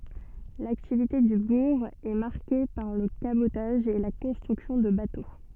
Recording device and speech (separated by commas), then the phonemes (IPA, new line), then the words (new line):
soft in-ear microphone, read sentence
laktivite dy buʁ ɛ maʁke paʁ lə kabotaʒ e la kɔ̃stʁyksjɔ̃ də bato
L'activité du bourg est marquée par le cabotage et la construction de bateaux.